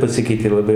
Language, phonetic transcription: Lithuanian, paˈsikeitė laˈbai

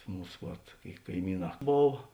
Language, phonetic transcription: Lithuanian, ˈmūs vat kaiˈmyˌnā ˈbov

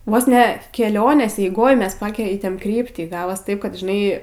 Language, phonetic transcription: Lithuanian, ˈvos ne keˈlionės eiˈgoj ˈmes ˈpakeitėm ˈkryptį ˈgavos ˈtaip kad žiˈnai

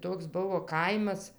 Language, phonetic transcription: Lithuanian, ˈtoks ˈbuvo ˈkaimas

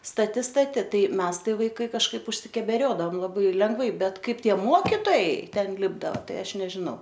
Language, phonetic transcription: Lithuanian, staˈti staˈti ˈtai ˈmes ˈtai ˈvaikai kažˈkaip užsikebeˈriodavam laˈbai lengˈvai ˈbet ˈkaip ˈtie ˈmokitojai ˈten ˈlipdava ˈtai ˈaš nežiˈnau

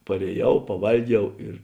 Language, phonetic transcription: Lithuanian, parėˈjau paˈvalˌgiau ir

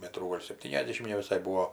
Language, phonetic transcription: Lithuanian, ˈmetrų ˈgol' sepˈtyniasˌdėšim neviˈsai ˈbūo

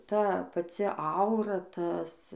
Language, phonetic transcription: Lithuanian, ˈta paˈci ˈaura ˈtas

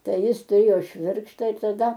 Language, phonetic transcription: Lithuanian, ˈtai ˈjis tuˈrėjo ˈšvirkštą ir taˈda

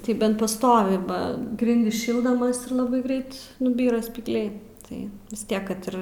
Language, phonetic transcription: Lithuanian, tai ˈbent paˈstovi ˈba ˈgrindis ˈšildamas ir ˈlabai ˈgreit nuˈbyra spyglˈiai ˈtai vis ˈtiek kad ˈir

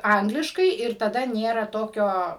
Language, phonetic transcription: Lithuanian, ˈangliškai ir taˈda ˈnėra ˈtokio

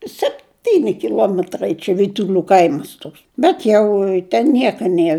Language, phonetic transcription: Lithuanian, sepˈtyni kiˈluometrai čia vytuˈlių ˈkaimas ˈtoks ˈbet jau ten ˈnieka ˈnier

